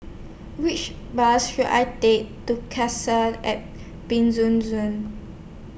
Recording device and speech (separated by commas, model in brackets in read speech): boundary microphone (BM630), read sentence